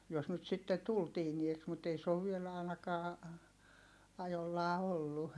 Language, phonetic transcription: Finnish, jos nyt sitte tul tiinieks mut ei se ov viel àinakaa , ajollaa ollu .
- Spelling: jos nyt sitten tuli tiineeksi mutta ei se ole vielä ainakaan ajollaan ollut

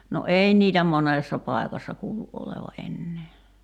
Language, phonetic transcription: Finnish, no 'ei niitä "monèssa 'pài̬kassa 'kuulu’ '’oleva '’ennee .
- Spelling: no ei niitä monessa paikassa kuulu olevan enää

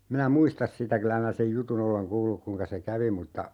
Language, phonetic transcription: Finnish, 'minä "muistas 'sitä 'kylä m(in)ä sej "jutun ‿oleŋ 'kuulluk 'kuŋka se "kävi mutta ,.
- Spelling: minä muista sitä kyllä minä sen jutun olen kuullut kuinka se kävi mutta

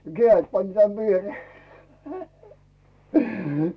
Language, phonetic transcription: Finnish, keä̀₍et pańⁱⁿ 'tän 'vieroo .
- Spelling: kädet panin tänne viereen

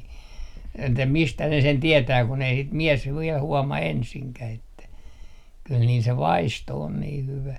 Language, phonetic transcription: Finnish, että "mistä ne sen 'tietää kun ‿ei sit 'miɛs 'viɛl 'huɔma "ensiŋkäh ‿että , kyl niil se "vaisto 'on nii 'hyvä .
- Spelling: että mistä ne sen tietää kun ei sitä mies vielä huomaa ensinkään että kyllä niillä se vaisto on niin hyvä

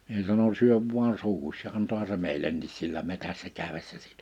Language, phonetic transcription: Finnish, mie sano » 'syöv vuan 'suuhuś « ja 'antoha se 'mèil̀ennis sillä 'metässä 'kä̀ywessä siitᴀ̈ .
- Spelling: minä sanoin syö vain suuhusi ja antoihan se meillekin sillä metsässä käydessä siitä

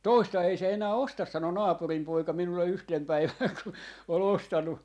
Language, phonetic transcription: Finnish, "toista 'ei se enää "ostas » 'sano naapurim 'poika 'minulle 'yhtem 'päiväŋ kun ol 'ostannu ,.
- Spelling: toista ei se enää osta sanoi naapurin poika minulle yhtenä päivänä kun oli ostanut

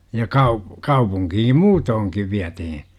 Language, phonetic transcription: Finnish, ja 'kau- , 'kaupuŋkihim "muutooŋkiv 'viätihi .
- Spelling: ja - kaupunkiin muutenkin vietiin

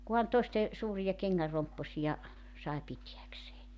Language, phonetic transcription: Finnish, kuhan 'toeste , 'suurija keŋŋär 'rompposija , sae 'pitiäksee .
- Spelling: kunhan toisten suuria kengän rompposia sai pitääkseen

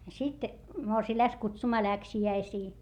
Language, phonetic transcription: Finnish, sit , morsii läks kutsumaa läksi₍äisii .
- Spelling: sitten morsian lähti kutsumaan läksiäisiin

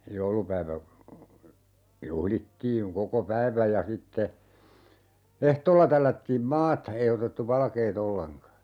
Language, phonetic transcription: Finnish, 'joulupäivä , 'juhlittiiŋ 'koko "päiväj ja 'sitte , 'ehtoolla 'tällättiim "maata , 'ei otettu "valkee't ‿olleŋka .
- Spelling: joulupäivä juhlittiin koko päivän ja sitten ehtoolla tällättiin maata ei otettu valkeaa ollenkaan

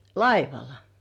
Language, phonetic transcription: Finnish, laivala .
- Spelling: laivalla

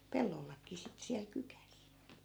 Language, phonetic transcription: Finnish, 'pellollak̆kii sittᵉ siäl 'kykäs .
- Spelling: pellollakin sitten siellä kykässä

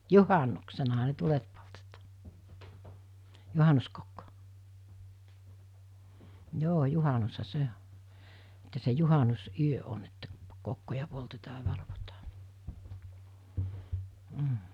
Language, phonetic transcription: Finnish, juhannuksenaha ne 'tulet poltetᴀᴀ , 'juhanuskokkᴏ , 'joo 'juhanusha 'se o , että se 'juhanus₍'yö on että , kokkoja poltetaa ‿a valvotaa , m̥ .
- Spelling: juhannuksenahan ne tulet poltettiin juhannuskokko joo juhannushan se on että se juhannusyö on että kokkoja poltetaan ja valvotaan mm

